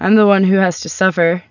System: none